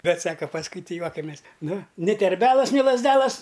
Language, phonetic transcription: Lithuanian, ˈbet ˈsaka pasˈkui ˈti ˈjuokamės ˈnu ni terˈbelas ni lazˈdelas

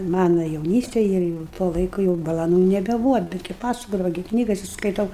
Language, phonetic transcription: Lithuanian, ˈmana jauˈnystėj ˈir jau tuo ˈlaiku jau balaˈnų nebeˈbūva ˈbetgi ˈpasakodava gi ˈknygasi skaiˈtau

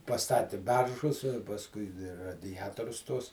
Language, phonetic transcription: Lithuanian, paˈstati ˈberžus i pasˈkui di radiˈjatorius tuos

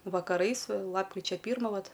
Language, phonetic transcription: Lithuanian, vakaˈrais ˈlapkričia ˈpyrma ˈvat

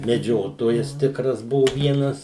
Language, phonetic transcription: Lithuanian, meˈdžiotojas ˈtikras ˈbuvu ˈvienas

